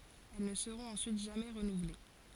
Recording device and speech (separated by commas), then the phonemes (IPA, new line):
forehead accelerometer, read sentence
ɛl nə səʁɔ̃t ɑ̃syit ʒamɛ ʁənuvle